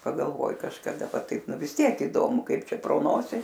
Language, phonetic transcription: Lithuanian, pagalˈvoji kažkaˈda ˈva ˈtaip ˈnu vis ˈtiek iˈdomu ˈkaip ˈčia pro ˈnosi

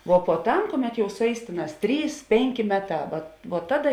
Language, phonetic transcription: Lithuanian, vo puoˈtam ˈkuˌmet jau suˈeis ˈtėˌnās ˈtrys ˈpėnˌkė ˈmeˌtā va vuo ˈtaˌda

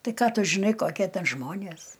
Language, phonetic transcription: Lithuanian, ˈtai ˈką ˈtu žiˈnai ˈkokie ˈten ˈžmonės

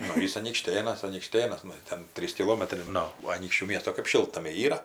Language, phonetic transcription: Lithuanian, ˈnu ˈjis anykˈštėnas anykˈštėnas ˈnu ir ˈten ˈtrys kiˈlomatrai ˈnu aˈnykščių ˈmiesto kɜp ˈšiltnamiai ˈyra

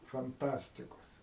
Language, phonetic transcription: Lithuanian, fanˈtastikos

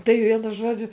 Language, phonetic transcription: Lithuanian, tai ˈvienu ˈžuodžiu

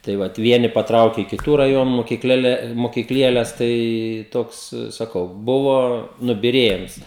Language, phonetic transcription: Lithuanian, tai ˈvat ˈvieni paˈtrauke i kiˈtų raˈjonu mokikˈlėle mokikˈlieles ˈtai ˈtoks saˈkau ˈbuvo nubiˈriejims

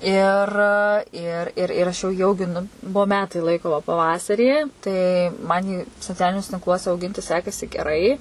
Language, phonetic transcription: Lithuanian, ir ˈir ir ir ˈaš jau jį augiˈnu ˈbuo ˈmetai ˈlaiko va paˈvasarį tai ˈman jį soˈcialiniuose tinkˈluose auˈginti ˈsekasi geˈrai

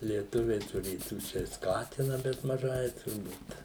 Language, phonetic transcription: Lithuanian, lieˈtuviai tuˈrėtų ˈčia i ˈskatina bet maˈžai turˈbūt

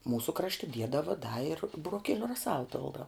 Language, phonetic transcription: Lithuanian, ˈmūsu ˈkrašti ˈdiedava da ir buroˈkieliu raˈsal ˈpildau

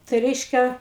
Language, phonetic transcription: Lithuanian, tai ˈreiškia

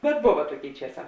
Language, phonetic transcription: Lithuanian, bet ˈbova ˈtuoˌkėi ˈčieˌsā

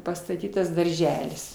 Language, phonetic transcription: Lithuanian, pastaˈtytas darˈželis

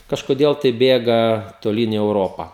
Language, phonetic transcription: Lithuanian, kažkoˈdėl tai ˈbėga toˈlyn į euˈropa

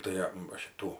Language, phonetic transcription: Lithuanian, ˈtai a va ˈšitų

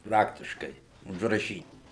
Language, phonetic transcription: Lithuanian, ˈpraktiškai užraˈšyt'

